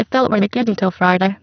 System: VC, spectral filtering